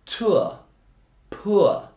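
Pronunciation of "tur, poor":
'Tour' and 'poor' are said in the posh received pronunciation (RP) way, with an ur sound rather than a simple long or vowel.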